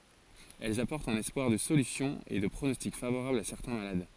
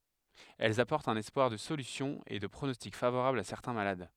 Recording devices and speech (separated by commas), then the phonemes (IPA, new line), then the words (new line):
forehead accelerometer, headset microphone, read sentence
ɛlz apɔʁtt œ̃n ɛspwaʁ də solysjɔ̃ e də pʁonɔstik favoʁabl a sɛʁtɛ̃ malad
Elles apportent un espoir de solution et de pronostic favorable à certains malades.